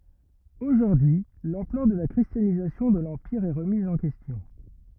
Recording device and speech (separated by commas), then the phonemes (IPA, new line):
rigid in-ear microphone, read sentence
oʒuʁdyi y lɑ̃plœʁ də la kʁistjanizasjɔ̃ də lɑ̃piʁ ɛ ʁəmiz ɑ̃ kɛstjɔ̃